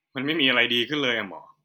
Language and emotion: Thai, sad